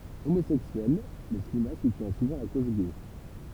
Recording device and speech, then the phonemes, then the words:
temple vibration pickup, read sentence
omozɛksyɛl lə sineast sutjɛ̃ suvɑ̃ la koz ɡɛ
Homosexuel, le cinéaste soutient souvent la cause gay.

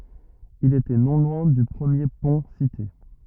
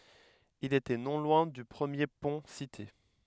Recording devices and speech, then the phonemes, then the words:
rigid in-ear microphone, headset microphone, read sentence
il etɛ nɔ̃ lwɛ̃ dy pʁəmje pɔ̃ site
Il était non loin du premier pont cité.

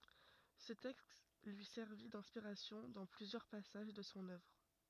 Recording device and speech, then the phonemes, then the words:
rigid in-ear microphone, read sentence
sə tɛkst lyi sɛʁvi dɛ̃spiʁasjɔ̃ dɑ̃ plyzjœʁ pasaʒ də sɔ̃ œvʁ
Ce texte lui servit d'inspiration dans plusieurs passages de son œuvre.

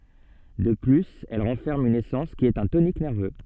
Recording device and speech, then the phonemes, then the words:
soft in-ear microphone, read sentence
də plyz ɛl ʁɑ̃fɛʁm yn esɑ̃s ki ɛt œ̃ tonik nɛʁvø
De plus elle renferme une essence qui est un tonique nerveux.

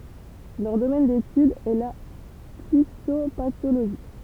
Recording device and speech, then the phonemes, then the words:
temple vibration pickup, read sentence
lœʁ domɛn detyd ɛ la fitopatoloʒi
Leur domaine d'étude est la phytopathologie.

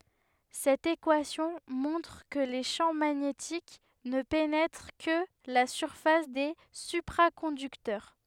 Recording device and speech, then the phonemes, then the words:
headset microphone, read sentence
sɛt ekwasjɔ̃ mɔ̃tʁ kə le ʃɑ̃ maɲetik nə penɛtʁ kə la syʁfas de sypʁakɔ̃dyktœʁ
Cette équation montre que les champs magnétiques ne pénètrent que la surface des supraconducteurs.

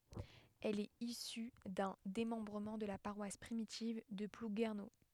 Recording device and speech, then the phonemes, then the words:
headset microphone, read sentence
ɛl ɛt isy dœ̃ demɑ̃bʁəmɑ̃ də la paʁwas pʁimitiv də pluɡɛʁno
Elle est issue d'un démembrement de la paroisse primitive de Plouguerneau.

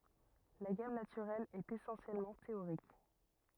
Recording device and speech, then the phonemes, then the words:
rigid in-ear microphone, read sentence
la ɡam natyʁɛl ɛt esɑ̃sjɛlmɑ̃ teoʁik
La gamme naturelle est essentiellement théorique.

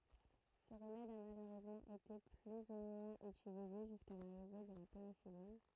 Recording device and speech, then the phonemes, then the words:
throat microphone, read sentence
sə ʁəmɛd a maløʁøzmɑ̃ ete ply u mwɛ̃z ytilize ʒyska laʁive də la penisilin
Ce remède a malheureusement été plus ou moins utilisé jusqu'à l'arrivée de la pénicilline.

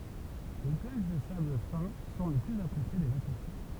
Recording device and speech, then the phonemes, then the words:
temple vibration pickup, read sentence
le plaʒ də sabl fɛ̃ sɔ̃ le plyz apʁesje de vakɑ̃sje
Les plages de sable fin sont les plus appréciées des vacanciers.

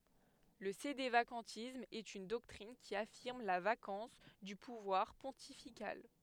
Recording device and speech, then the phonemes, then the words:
headset microphone, read sentence
lə sedevakɑ̃tism ɛt yn dɔktʁin ki afiʁm la vakɑ̃s dy puvwaʁ pɔ̃tifikal
Le sédévacantisme est une doctrine qui affirme la vacance du pouvoir pontifical.

